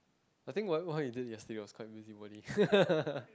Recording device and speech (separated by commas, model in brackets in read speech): close-talking microphone, conversation in the same room